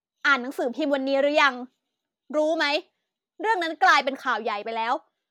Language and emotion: Thai, angry